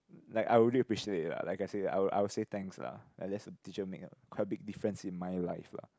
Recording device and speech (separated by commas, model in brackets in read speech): close-talking microphone, conversation in the same room